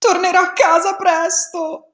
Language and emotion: Italian, sad